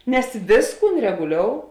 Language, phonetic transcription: Lithuanian, nes ˈvėsˌkūn reguˈliou

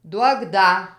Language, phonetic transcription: Lithuanian, ˈduok ˈda

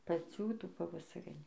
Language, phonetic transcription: Lithuanian, paˈcių ˈtų pavasaˈrinių

